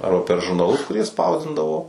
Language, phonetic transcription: Lithuanian, ˈarba per žurnaˈlus kuˈrie ˈspausdindavo

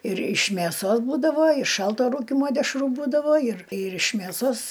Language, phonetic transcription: Lithuanian, ir iš mėˈsos ˈbūdavo i ˈšalto ˈrūkimo dešˈrų ˈbūdavo ir ir iš mėˈsos

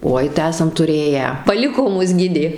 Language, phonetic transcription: Lithuanian, ˈoi tai ˈesam tuˈrėję paˈliko ˈmus ˈgidė

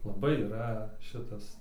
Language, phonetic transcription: Lithuanian, laˈbai yˈra ˈšitas

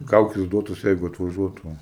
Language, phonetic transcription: Lithuanian, ˈkaukis ˈduotus ˈjeigu atvaˈžuotų

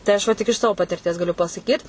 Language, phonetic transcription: Lithuanian, tai ˈaš va tik iš ˈsavo patirˈties gaˈliu pasaˈkyt

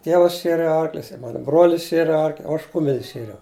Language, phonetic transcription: Lithuanian, ˈtievas ˈšieri ˈarklius i ˈmanu ˈbruolis ˈšieri ˈarkl' o ˈaš ˈkumel's' ˈšieriau

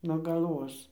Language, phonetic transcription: Lithuanian, nuo galˈvos

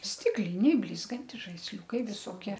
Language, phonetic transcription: Lithuanian, ˈstikliniai ˈblizgantis žaisˈliūkai viˈsokie

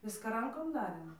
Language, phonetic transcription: Lithuanian, ˈviska ˈrankom ˈdarėm

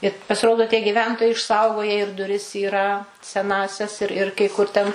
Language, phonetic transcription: Lithuanian, i pasiˈrodo tie gyˈventojai išˈsaugoje ir duˈris yˈra seˈnąsias ir ir kai ˈkur ten

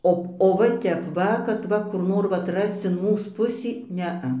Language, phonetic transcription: Lithuanian, ˈo o va ˈtep ˈva kad ˈva kur ˈnor vat ˈrasc in ˈmūs ˈpusį ˈnea

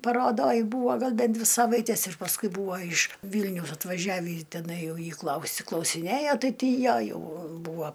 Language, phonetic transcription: Lithuanian, paroˈdoj ˈbūva ˈgal ˈben ˈdvi ˈsavaites ir pasˈkui ˈbūva iš ˈvylniaus atvaˈžiavį teˈnai ˈjau jį ˈklausi klausiˈnėjo ˈtai ˈtį ˈją ˈjau ˈbūva

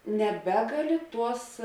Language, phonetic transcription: Lithuanian, neˈbegaˌli ˈtuos

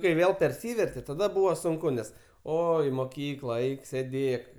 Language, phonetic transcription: Lithuanian, kai ˈvėl perˈsyverte taˈda ˈbūvo sunˈku nes ˈo i moˈkykla ˈeik sėˈdėk

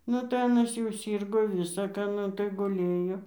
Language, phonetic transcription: Lithuanian, ˈnu tai ˈanas jau ˈsyrgo ˈvisa ką ˈnu tai guˈlėjo

